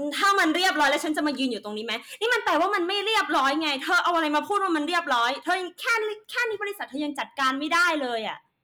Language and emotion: Thai, angry